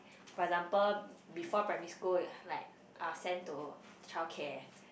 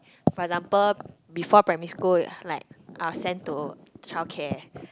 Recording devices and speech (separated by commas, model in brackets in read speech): boundary microphone, close-talking microphone, conversation in the same room